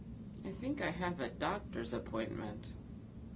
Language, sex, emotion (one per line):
English
female
neutral